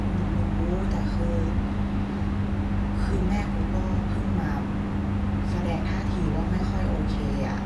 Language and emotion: Thai, frustrated